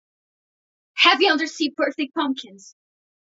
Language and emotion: English, fearful